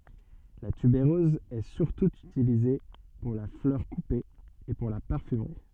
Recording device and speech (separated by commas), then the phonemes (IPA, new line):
soft in-ear microphone, read sentence
la tybeʁøz ɛ syʁtu ytilize puʁ la flœʁ kupe e puʁ la paʁfymʁi